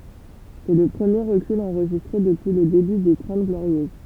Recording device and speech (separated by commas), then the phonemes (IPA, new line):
temple vibration pickup, read sentence
sɛ lə pʁəmje ʁəkyl ɑ̃ʁʒistʁe dəpyi lə deby de tʁɑ̃t ɡloʁjøz